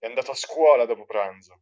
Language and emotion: Italian, angry